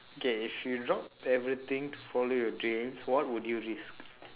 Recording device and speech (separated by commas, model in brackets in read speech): telephone, conversation in separate rooms